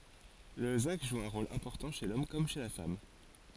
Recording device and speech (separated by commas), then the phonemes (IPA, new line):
forehead accelerometer, read sentence
lə zɛ̃ɡ ʒu œ̃ ʁol ɛ̃pɔʁtɑ̃ ʃe lɔm kɔm ʃe la fam